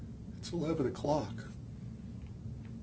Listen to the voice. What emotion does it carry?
sad